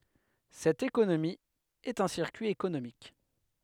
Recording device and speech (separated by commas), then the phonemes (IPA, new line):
headset microphone, read sentence
sɛt ekonomi ɛt œ̃ siʁkyi ekonomik